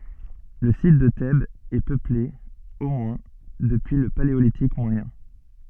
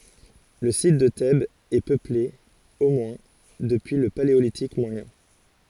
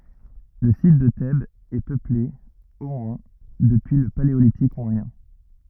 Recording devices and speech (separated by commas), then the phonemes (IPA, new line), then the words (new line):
soft in-ear microphone, forehead accelerometer, rigid in-ear microphone, read sentence
lə sit də tɛbz ɛ pøple o mwɛ̃ dəpyi lə paleolitik mwajɛ̃
Le site de Thèbes est peuplé, au moins, depuis le Paléolithique moyen.